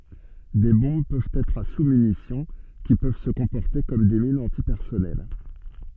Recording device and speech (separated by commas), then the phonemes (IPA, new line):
soft in-ear microphone, read sentence
de bɔ̃b pøvt ɛtʁ a susmynisjɔ̃ ki pøv sə kɔ̃pɔʁte kɔm de minz ɑ̃tipɛʁsɔnɛl